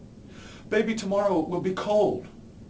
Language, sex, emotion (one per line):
English
male
fearful